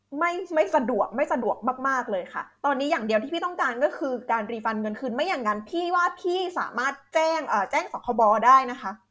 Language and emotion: Thai, angry